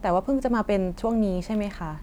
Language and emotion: Thai, neutral